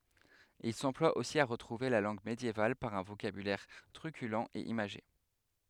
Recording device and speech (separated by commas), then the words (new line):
headset microphone, read sentence
Il s'emploie aussi à retrouver la langue médiévale par un vocabulaire truculent et imagé.